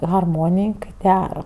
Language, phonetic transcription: Lithuanian, harˈmonij kai ˈdera

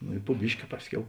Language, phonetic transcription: Lithuanian, no i pu ˈbiški ˈpasˌkiau

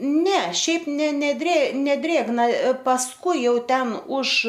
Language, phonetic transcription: Lithuanian, ˈne ˈšiaip ˈne neˈdrė neˈdrėgna pasˈkui ˈjau ˈten už

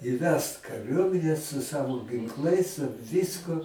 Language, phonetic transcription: Lithuanian, įˈvest kaˈriuomine su ˈsavo ginˈklais su ˈvisku

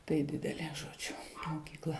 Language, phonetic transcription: Lithuanian, tai ˈdidelė žoˈdžiu mokykˈla

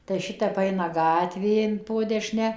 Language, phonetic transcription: Lithuanian, tai ˈšitep ˈaina ˈgatvė in po deˈšne

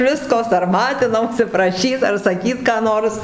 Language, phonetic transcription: Lithuanian, ˈvisko sarˈmatinausi praˈšyt ar saˈkyt ką ˈnors

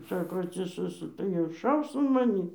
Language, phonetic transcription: Lithuanian, ˈsako atsiˈsɘsu tai ir ˈšaus an maˈnį

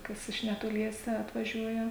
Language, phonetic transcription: Lithuanian, ˈkas iš netoˈliese atvaˈžiuoja

